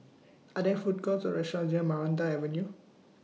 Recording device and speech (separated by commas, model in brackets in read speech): mobile phone (iPhone 6), read sentence